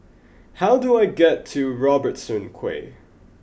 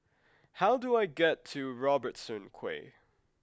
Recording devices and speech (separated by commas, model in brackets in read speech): boundary microphone (BM630), close-talking microphone (WH20), read sentence